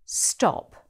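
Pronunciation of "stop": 'stop' is said with a British accent, using the rounded O vowel rather than the American ah sound.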